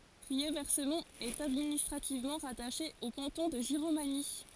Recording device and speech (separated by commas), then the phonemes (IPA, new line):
forehead accelerometer, read sentence
ʁiɛʁvɛsmɔ̃t ɛt administʁativmɑ̃ ʁataʃe o kɑ̃tɔ̃ də ʒiʁomaɲi